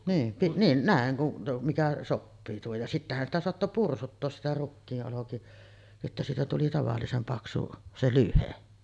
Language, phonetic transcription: Finnish, 'niim pi-ˀ , niin , 'nä̀eŋ kun , mikä "soppii tuohoj ja 'sittähän sitä soatto 'pursuttoos sitä 'rukkii’ ’oloki- , että siitä tuli 'tavallisem paksu , 'se "lyhe .
- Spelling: niin - niin näin kun mikä sopii tuohon ja sittenhän sitä saattoi pursuttaa sitä rukiin - että siitä tuli tavallisen paksu se lyhde

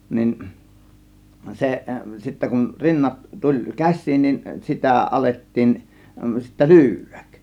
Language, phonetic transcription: Finnish, 'nin , 'seˀ , sittä kun 'rinnat , tuĺ "käś̆siin nin 'sitä̀ "ˀalettiin , sittä "lyyv̆vÄk .
- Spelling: niin se sitten kun rinnat tuli käsiin niin sitä alettiin sitten lyödä

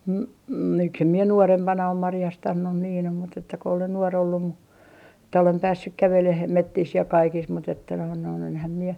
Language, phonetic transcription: Finnish, n- , n- , miksem mie 'nuorempana om 'marjastannun niin ‿om mut ‿että ko olen 'nuor ollum mu , että olem 'päässyk "käveleh , 'mettis ja 'kaikis mut ‿että noin noin enhäm mie ,.
- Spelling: - - miksi en minä nuorempana ole marjastanut niin on mutta että kun olen nuori ollut mutta että olen päässyt kävelemään metsissä ja kaikissa mutta että noin noin enhän minä

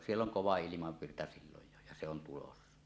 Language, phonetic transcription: Finnish, 'siell ‿oŋ "kova "ilimavvirta siiloj jo ja 'se ‿on 'tulossa .
- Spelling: siellä on kova ilmavirta silloin jo ja se on tulossa

